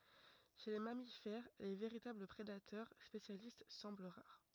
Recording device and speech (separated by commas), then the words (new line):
rigid in-ear microphone, read sentence
Chez les mammifères, les véritables prédateurs spécialistes semblent rares.